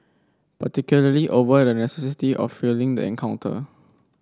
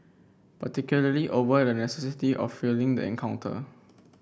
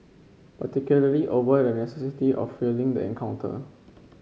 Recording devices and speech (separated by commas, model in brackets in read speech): standing microphone (AKG C214), boundary microphone (BM630), mobile phone (Samsung C5), read sentence